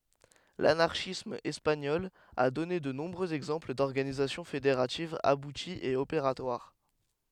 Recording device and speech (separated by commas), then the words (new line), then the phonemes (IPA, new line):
headset microphone, read sentence
L'anarchisme espagnol a donné de nombreux exemples d'organisations fédératives abouties et opératoires.
lanaʁʃism ɛspaɲɔl a dɔne də nɔ̃bʁøz ɛɡzɑ̃pl dɔʁɡanizasjɔ̃ fedeʁativz abutiz e opeʁatwaʁ